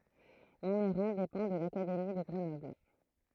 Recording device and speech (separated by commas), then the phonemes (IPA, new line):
throat microphone, read sentence
mɔ̃mɛʁɑ̃ depɑ̃ də lakademi də ɡʁənɔbl